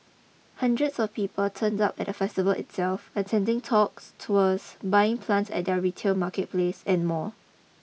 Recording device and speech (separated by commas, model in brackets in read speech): mobile phone (iPhone 6), read sentence